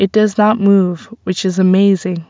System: none